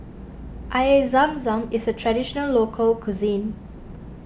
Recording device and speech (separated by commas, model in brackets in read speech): boundary microphone (BM630), read sentence